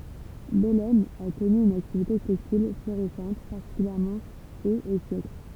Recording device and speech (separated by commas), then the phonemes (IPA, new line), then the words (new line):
temple vibration pickup, read sentence
bɛlɛm a kɔny yn aktivite tɛkstil floʁisɑ̃t paʁtikyljɛʁmɑ̃ oz e sjɛkl
Bellême a connu une activité textile florissante, particulièrement aux et siècles.